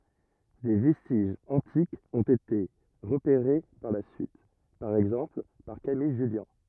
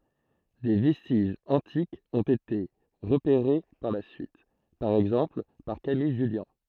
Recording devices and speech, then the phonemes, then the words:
rigid in-ear microphone, throat microphone, read sentence
de vɛstiʒz ɑ̃tikz ɔ̃t ete ʁəpeʁe paʁ la syit paʁ ɛɡzɑ̃pl paʁ kamij ʒyljɑ̃
Des vestiges antiques ont été repérés par la suite, par exemple par Camille Jullian.

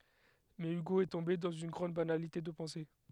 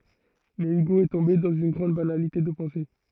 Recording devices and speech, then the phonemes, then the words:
headset microphone, throat microphone, read sentence
mɛ yɡo ɛ tɔ̃be dɑ̃z yn ɡʁɑ̃d banalite də pɑ̃se
Mais Hugo est tombé dans une grande banalité de pensée.

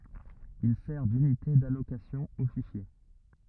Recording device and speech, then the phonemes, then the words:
rigid in-ear microphone, read sentence
il sɛʁ dynite dalokasjɔ̃ o fiʃje
Il sert d'unité d'allocation aux fichiers.

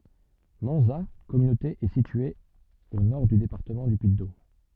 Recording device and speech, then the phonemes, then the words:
soft in-ear microphone, read sentence
mɑ̃za kɔmynote ɛ sitye o nɔʁ dy depaʁtəmɑ̃ dy pyiddom
Manzat communauté est située au nord du département du Puy-de-Dôme.

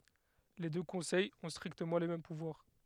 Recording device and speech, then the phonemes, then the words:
headset microphone, read sentence
le dø kɔ̃sɛjz ɔ̃ stʁiktəmɑ̃ le mɛm puvwaʁ
Les deux conseils ont strictement les mêmes pouvoirs.

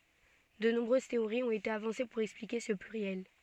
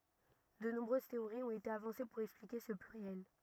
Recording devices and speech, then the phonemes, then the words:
soft in-ear microphone, rigid in-ear microphone, read sentence
də nɔ̃bʁøz teoʁiz ɔ̃t ete avɑ̃se puʁ ɛksplike sə plyʁjɛl
De nombreuses théories ont été avancées pour expliquer ce pluriel.

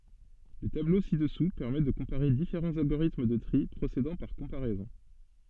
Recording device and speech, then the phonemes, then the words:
soft in-ear microphone, read sentence
lə tablo si dəsu pɛʁmɛ də kɔ̃paʁe difeʁɑ̃z alɡoʁitm də tʁi pʁosedɑ̃ paʁ kɔ̃paʁɛzɔ̃
Le tableau ci-dessous permet de comparer différents algorithmes de tri procédant par comparaisons.

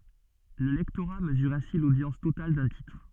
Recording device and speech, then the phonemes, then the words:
soft in-ear microphone, read sentence
lə lɛktoʁa məzyʁ ɛ̃si lodjɑ̃s total dœ̃ titʁ
Le lectorat mesure ainsi l'audience totale d'un titre.

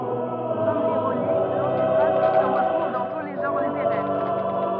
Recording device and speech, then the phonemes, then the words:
rigid in-ear microphone, read sentence
kɔm liʁoni lɑ̃tifʁaz sə ʁətʁuv dɑ̃ tu le ʒɑ̃ʁ liteʁɛʁ
Comme l'ironie, l'antiphrase se retrouve dans tous les genres littéraires.

